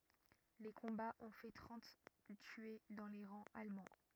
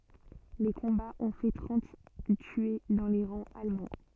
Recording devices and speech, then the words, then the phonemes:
rigid in-ear microphone, soft in-ear microphone, read sentence
Les combats ont fait trente tués dans les rangs allemands.
le kɔ̃baz ɔ̃ fɛ tʁɑ̃t tye dɑ̃ le ʁɑ̃z almɑ̃

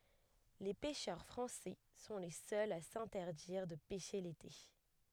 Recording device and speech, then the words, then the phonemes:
headset microphone, read sentence
Les pêcheurs français sont les seuls à s'interdire de pêcher l'été.
le pɛʃœʁ fʁɑ̃sɛ sɔ̃ le sœlz a sɛ̃tɛʁdiʁ də pɛʃe lete

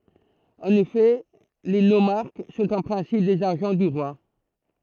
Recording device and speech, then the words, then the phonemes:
throat microphone, read sentence
En effet, les nomarques sont en principe des agents du roi.
ɑ̃n efɛ le nomaʁk sɔ̃t ɑ̃ pʁɛ̃sip dez aʒɑ̃ dy ʁwa

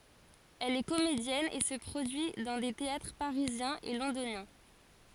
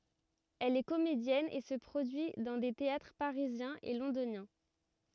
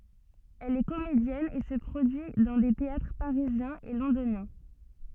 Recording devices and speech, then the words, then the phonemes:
forehead accelerometer, rigid in-ear microphone, soft in-ear microphone, read sentence
Elle est comédienne et se produit dans des théâtres parisiens et londoniens.
ɛl ɛ komedjɛn e sə pʁodyi dɑ̃ de teatʁ paʁizjɛ̃z e lɔ̃donjɛ̃

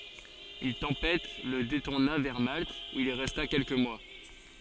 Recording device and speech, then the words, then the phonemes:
forehead accelerometer, read sentence
Une tempête le détourna vers Malte, où il resta quelques mois.
yn tɑ̃pɛt lə detuʁna vɛʁ malt u il ʁɛsta kɛlkə mwa

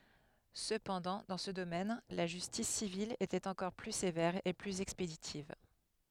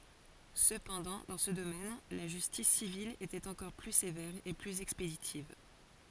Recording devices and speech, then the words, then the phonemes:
headset microphone, forehead accelerometer, read sentence
Cependant, dans ce domaine, la justice civile était encore plus sévère et plus expéditive.
səpɑ̃dɑ̃ dɑ̃ sə domɛn la ʒystis sivil etɛt ɑ̃kɔʁ ply sevɛʁ e plyz ɛkspeditiv

